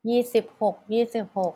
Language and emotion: Thai, neutral